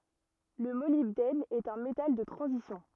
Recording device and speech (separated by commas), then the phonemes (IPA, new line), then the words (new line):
rigid in-ear microphone, read sentence
lə molibdɛn ɛt œ̃ metal də tʁɑ̃zisjɔ̃
Le molybdène est un métal de transition.